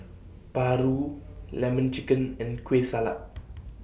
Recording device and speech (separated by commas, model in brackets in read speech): boundary microphone (BM630), read sentence